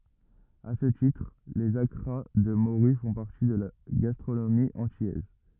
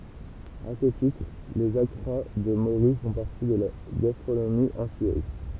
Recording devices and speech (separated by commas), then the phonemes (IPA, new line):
rigid in-ear microphone, temple vibration pickup, read sentence
a sə titʁ lez akʁa də moʁy fɔ̃ paʁti də la ɡastʁonomi ɑ̃tilɛz